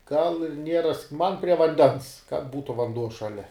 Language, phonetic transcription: Lithuanian, gal ir ˈnieras man prie vanˈdens kad ˈbūtu vanˈduo šaˈlia

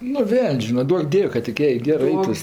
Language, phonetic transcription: Lithuanian, nu ˈveln's' ˈžyna ˈduok ˈdiev' kad tik ˈjai ˈgerɜ ˈaitus

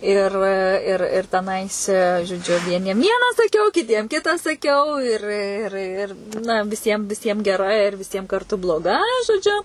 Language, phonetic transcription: Lithuanian, ir ˈir ir teˈnais žoˈdžiu vieˈniem ˈvieną saˈkiau kiˈtiem ˈkita saˈkiau ir ˈir ˈir na viˈsiem viˈsiem geˈra ir viˈsiem karˈtu bloˈga žoˈdžiu

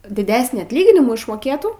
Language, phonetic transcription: Lithuanian, diˈdesnį atˈlyginimų išmoˈkėtų

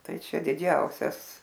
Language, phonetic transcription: Lithuanian, ˈtai ˈčia diˈdžiausias

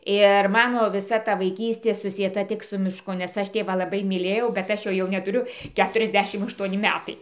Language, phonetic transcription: Lithuanian, ir ˈmano viˈsa ˈta vaiˈkystė susieˈta ˈtik su miˈšku nes ˈaš ˈtėvą laˈbai myˈlėjau bet ˈaš ˈjo jau netuˈriu ˈketuriasˌdešim ašˈtuoni ˈmetai

